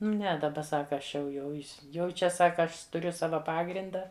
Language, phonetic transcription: Lithuanian, ˈne daˈba ˈsaka ˈaš jau ˈjau is ˈjau ˈčia ˈsaka ˈaš tuˈriu ˈsava ˈpagrinda

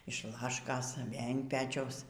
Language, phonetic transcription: Lithuanian, iš ˈlaškos ˈvėl' in ˈpečiaus

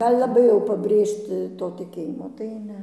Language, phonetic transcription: Lithuanian, ˈal' laˈbai jau pabˈrėžti to tiˈkėjimo tai ˈne

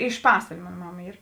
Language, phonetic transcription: Lithuanian, iš ˈpasvalė ˈmon ˈmama ˈyr

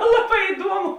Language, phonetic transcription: Lithuanian, ˈlaˌbā iˈduomu

